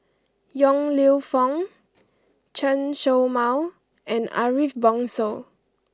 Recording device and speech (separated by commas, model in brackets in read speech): close-talking microphone (WH20), read sentence